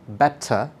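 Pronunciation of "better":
In 'better', the t is an explosive t sound, in the British pattern.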